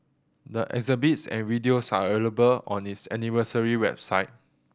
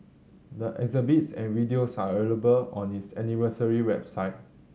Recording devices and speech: boundary microphone (BM630), mobile phone (Samsung C7100), read sentence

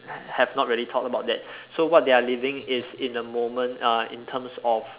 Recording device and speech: telephone, conversation in separate rooms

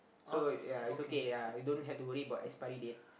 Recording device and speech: boundary microphone, conversation in the same room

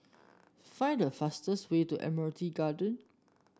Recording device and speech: standing microphone (AKG C214), read sentence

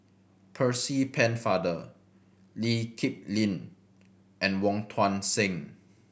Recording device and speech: boundary microphone (BM630), read sentence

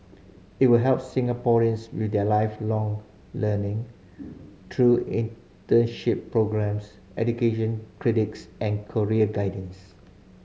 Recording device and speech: mobile phone (Samsung C5010), read sentence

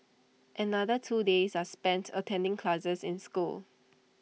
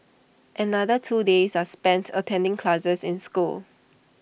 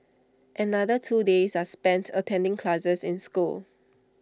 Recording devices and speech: mobile phone (iPhone 6), boundary microphone (BM630), standing microphone (AKG C214), read sentence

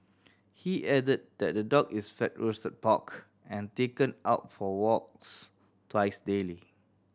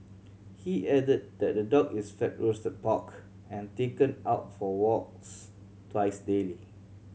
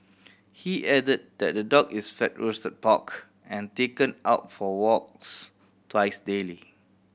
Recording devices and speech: standing microphone (AKG C214), mobile phone (Samsung C7100), boundary microphone (BM630), read sentence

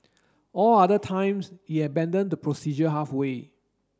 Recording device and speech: standing microphone (AKG C214), read sentence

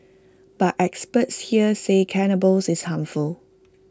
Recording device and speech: close-talking microphone (WH20), read sentence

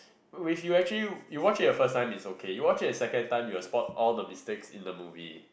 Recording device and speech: boundary microphone, conversation in the same room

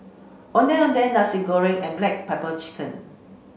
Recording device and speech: mobile phone (Samsung C5), read sentence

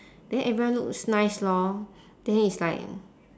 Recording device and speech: standing microphone, conversation in separate rooms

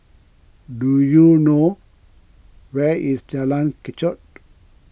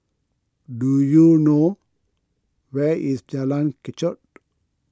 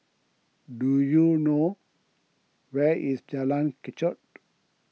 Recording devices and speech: boundary microphone (BM630), close-talking microphone (WH20), mobile phone (iPhone 6), read sentence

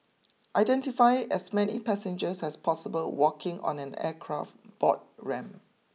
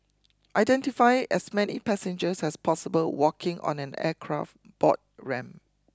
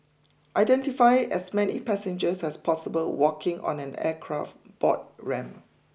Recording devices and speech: mobile phone (iPhone 6), close-talking microphone (WH20), boundary microphone (BM630), read sentence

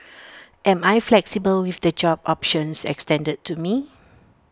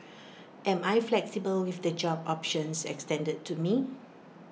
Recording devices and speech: standing microphone (AKG C214), mobile phone (iPhone 6), read sentence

